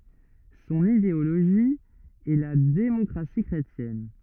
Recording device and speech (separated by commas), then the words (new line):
rigid in-ear microphone, read sentence
Son idéologie est la démocratie chrétienne.